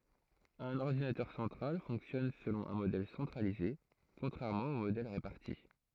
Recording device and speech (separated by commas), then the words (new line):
throat microphone, read sentence
Un ordinateur central fonctionne selon un modèle centralisé, contrairement aux modèles répartis.